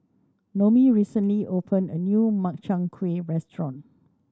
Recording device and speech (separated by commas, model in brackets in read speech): standing microphone (AKG C214), read sentence